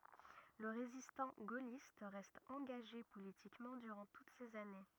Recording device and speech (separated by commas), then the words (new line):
rigid in-ear microphone, read sentence
Le résistant gaulliste reste engagé politiquement durant toutes ces années.